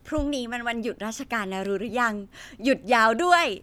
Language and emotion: Thai, happy